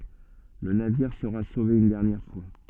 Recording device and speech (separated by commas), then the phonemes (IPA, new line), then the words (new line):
soft in-ear microphone, read sentence
lə naviʁ səʁa sove yn dɛʁnjɛʁ fwa
Le navire sera sauvé une dernière fois.